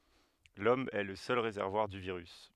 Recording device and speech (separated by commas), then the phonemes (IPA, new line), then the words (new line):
headset microphone, read sentence
lɔm ɛ lə sœl ʁezɛʁvwaʁ dy viʁys
L'Homme est le seul réservoir du virus.